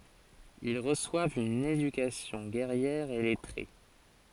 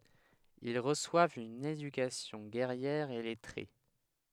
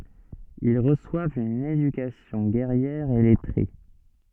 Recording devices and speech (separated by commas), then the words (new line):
forehead accelerometer, headset microphone, soft in-ear microphone, read sentence
Ils reçoivent une éducation guerrière et lettrée.